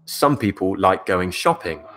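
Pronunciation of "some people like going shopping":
The voice goes up on 'shopping' at the end, a rising tone that signals there is more to say.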